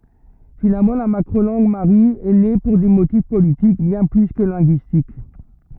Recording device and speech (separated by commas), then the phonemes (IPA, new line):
rigid in-ear microphone, read sentence
finalmɑ̃ la makʁo lɑ̃ɡ maʁi ɛ ne puʁ de motif politik bjɛ̃ ply kə lɛ̃ɡyistik